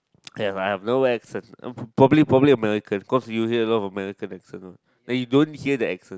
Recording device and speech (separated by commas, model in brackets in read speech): close-talking microphone, conversation in the same room